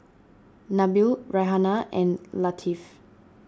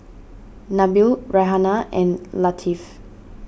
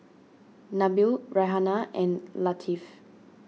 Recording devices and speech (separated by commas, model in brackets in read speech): standing microphone (AKG C214), boundary microphone (BM630), mobile phone (iPhone 6), read sentence